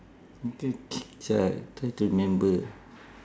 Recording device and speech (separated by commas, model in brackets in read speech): standing microphone, conversation in separate rooms